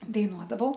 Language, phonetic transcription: Lithuanian, daiˈnuodavau

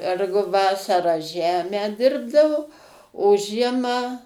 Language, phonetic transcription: Lithuanian, ˈergu ˈvasarą ˈžemę ˈdirbdavo o ˈžiemą

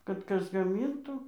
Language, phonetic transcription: Lithuanian, kad ˈkas gaˈmyntų

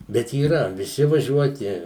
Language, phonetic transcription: Lithuanian, bet yˈra viˈsi vaˈžiuoti

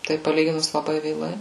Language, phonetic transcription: Lithuanian, tai paˈlyginus laˈbai vėˈlai

